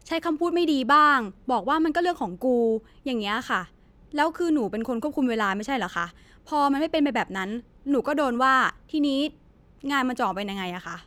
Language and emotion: Thai, frustrated